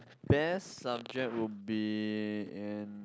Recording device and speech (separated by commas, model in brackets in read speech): close-talking microphone, conversation in the same room